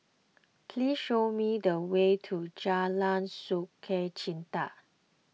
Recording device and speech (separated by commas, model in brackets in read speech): mobile phone (iPhone 6), read sentence